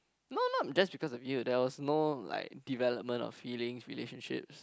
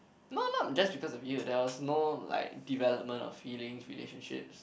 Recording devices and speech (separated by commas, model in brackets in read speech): close-talking microphone, boundary microphone, conversation in the same room